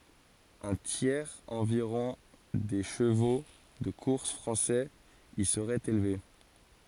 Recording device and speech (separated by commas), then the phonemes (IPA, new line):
forehead accelerometer, read sentence
œ̃ tjɛʁz ɑ̃viʁɔ̃ de ʃəvo də kuʁs fʁɑ̃sɛz i səʁɛt elve